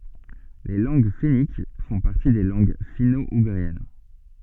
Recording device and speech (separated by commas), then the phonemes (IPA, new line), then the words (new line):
soft in-ear microphone, read sentence
le lɑ̃ɡ fɛnik fɔ̃ paʁti de lɑ̃ɡ fino uɡʁiɛn
Les langues fenniques font partie des langues finno-ougriennes.